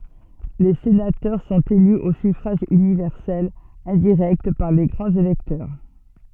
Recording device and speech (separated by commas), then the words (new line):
soft in-ear microphone, read sentence
Les sénateurs sont élus au suffrage universel indirect par les grands électeurs.